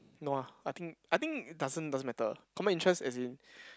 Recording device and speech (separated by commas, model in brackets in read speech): close-talking microphone, conversation in the same room